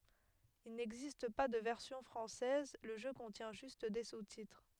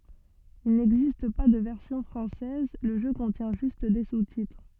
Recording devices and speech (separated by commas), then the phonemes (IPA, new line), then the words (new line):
headset microphone, soft in-ear microphone, read sentence
il nɛɡzist pa də vɛʁsjɔ̃ fʁɑ̃sɛz lə ʒø kɔ̃tjɛ̃ ʒyst de sustitʁ
Il n'existe pas de version française, le jeu contient juste des sous-titres.